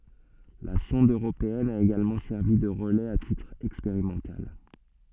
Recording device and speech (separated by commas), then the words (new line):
soft in-ear microphone, read sentence
La sonde européenne a également servi de relais à titre expérimental.